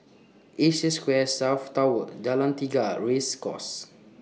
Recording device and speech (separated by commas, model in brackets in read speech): mobile phone (iPhone 6), read sentence